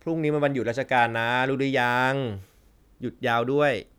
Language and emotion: Thai, frustrated